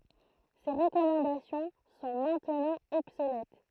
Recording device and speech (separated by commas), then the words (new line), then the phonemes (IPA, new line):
throat microphone, read sentence
Ces recommandations sont maintenant obsolètes.
se ʁəkɔmɑ̃dasjɔ̃ sɔ̃ mɛ̃tnɑ̃ ɔbsolɛt